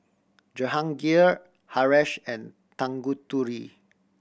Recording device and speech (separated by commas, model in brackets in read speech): boundary microphone (BM630), read sentence